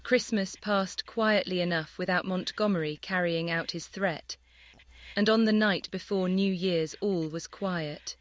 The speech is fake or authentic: fake